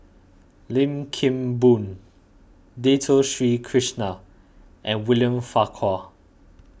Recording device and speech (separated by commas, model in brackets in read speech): boundary microphone (BM630), read sentence